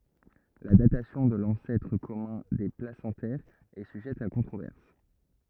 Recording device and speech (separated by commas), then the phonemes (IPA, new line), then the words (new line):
rigid in-ear microphone, read sentence
la datasjɔ̃ də lɑ̃sɛtʁ kɔmœ̃ de plasɑ̃tɛʁz ɛ syʒɛt a kɔ̃tʁovɛʁs
La datation de l'ancêtre commun des placentaires est sujette à controverse.